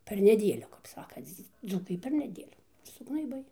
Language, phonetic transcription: Lithuanian, ˈper neˈdėliu kap ˈsakanc ˈdzūkai per neˈdėlių sugnaiˈbai

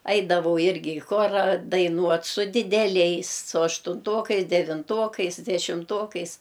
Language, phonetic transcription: Lithuanian, ˈaidavau ˈirgi i ˈchora daiˈnuot su dideˈliais su aštunˈtokais devinˈtokais dešimˈtokais

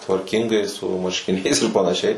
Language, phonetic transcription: Lithuanian, tvarˈkingai su marškiˈniais ir panaˈšiai

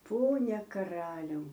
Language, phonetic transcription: Lithuanian, ˈpone kaˈraliau

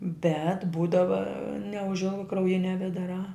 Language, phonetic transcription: Lithuanian, bet ˈbūdava neužˈilga krauˈjinia vedaˈrā

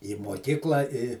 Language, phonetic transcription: Lithuanian, į moˈkykla i

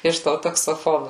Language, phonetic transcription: Lithuanian, iš ˈto taksoˈfonu

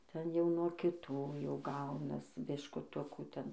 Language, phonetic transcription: Lithuanian, ˈten jau nuo kiˈtų jau ˈgaunas biškuˈtukų ˈten

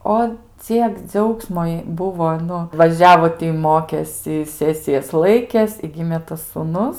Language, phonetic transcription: Lithuanian, ˈo ˈciek ˈdžiaugsmo jai ˈbuvo ˈnu vaˈžiavo ti ˈmokėsi ˈsesijas ˈlaikės i ˈgimė tas sūˈnus

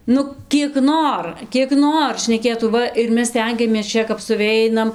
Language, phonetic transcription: Lithuanian, ˈnu kiek ˈnor kiek ˈnor šneˈkėtų ˈva ir ˈmes ˈstengiamės ˈčia kap suˈveinam

